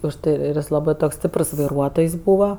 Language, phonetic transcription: Lithuanian, už ˈtai ˈir ir ˈjis ˈlabɜ ˈtoks ˈstiprs vaiˈruotojs ˈbūva

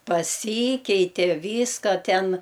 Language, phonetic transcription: Lithuanian, paˈsykeitė ˈvyska ˈten

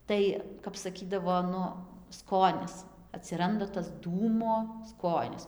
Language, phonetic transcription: Lithuanian, ˈtai kap saˈkydavo ˈnu ˈskonis atsiˈranda tas ˈdūmo ˈskonis

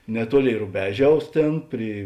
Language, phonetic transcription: Lithuanian, neˈtuoˌlėi ruˈbeˌžiaus ˈtėn ˈpry

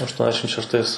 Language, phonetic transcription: Lithuanian, ašˈtuoniasdešim šešˈtais

